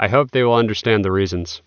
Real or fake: real